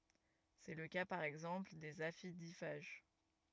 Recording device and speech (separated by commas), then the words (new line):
rigid in-ear microphone, read sentence
C’est le cas par exemple des aphidiphages.